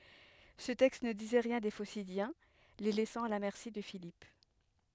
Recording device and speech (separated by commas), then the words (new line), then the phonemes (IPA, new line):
headset microphone, read sentence
Ce texte ne disait rien des Phocidiens, les laissant à la merci de Philippe.
sə tɛkst nə dizɛ ʁjɛ̃ de fosidjɛ̃ le lɛsɑ̃ a la mɛʁsi də filip